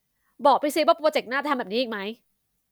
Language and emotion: Thai, frustrated